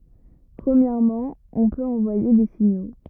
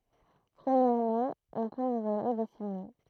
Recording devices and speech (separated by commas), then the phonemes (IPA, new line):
rigid in-ear microphone, throat microphone, read sentence
pʁəmjɛʁmɑ̃ ɔ̃ pøt ɑ̃vwaje de siɲo